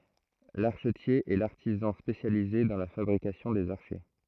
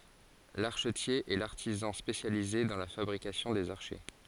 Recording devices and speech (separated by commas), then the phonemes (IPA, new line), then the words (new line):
throat microphone, forehead accelerometer, read sentence
laʁʃətje ɛ laʁtizɑ̃ spesjalize dɑ̃ la fabʁikasjɔ̃ dez aʁʃɛ
L'archetier est l'artisan spécialisé dans la fabrication des archets.